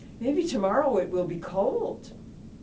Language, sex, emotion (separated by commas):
English, female, neutral